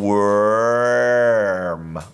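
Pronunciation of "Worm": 'Worm' is said the American way, with the R pronounced: as the vowel finishes, it moves into an er sound.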